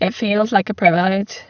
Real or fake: fake